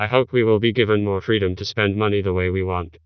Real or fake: fake